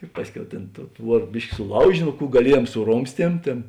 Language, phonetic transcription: Lithuanian, i ˈpasˌkiau tėn tou ˈtvuor ˈbiški suˈlaužė ˈno ˈkų gaˈliejuom suˈromstiem ˈtėn

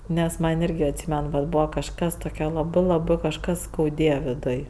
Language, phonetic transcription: Lithuanian, nes ˈman' ˈirgi atˈsymen vat ˈbūva kažˈkas toˈkia laˈbɜ laˈbɜ kažˈkas skauˈdėja viˈduj

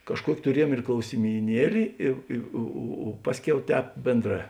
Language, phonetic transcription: Lithuanian, kažˈkuoki tuˈriejuom ir klausimyˈnieli i ˈi o o o ˈpasˌkiau ˈtēp ˈbėnˌdrā

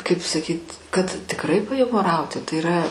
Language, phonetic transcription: Lithuanian, kaip saˈkyt' kad tikˈrai pajumoˈrauti tai yˈra

